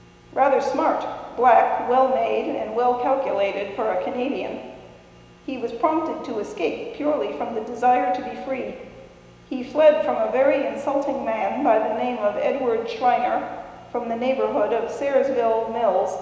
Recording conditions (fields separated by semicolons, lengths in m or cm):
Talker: one person; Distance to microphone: 1.7 m; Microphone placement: close; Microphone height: 1.0 m; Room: very reverberant, large; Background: none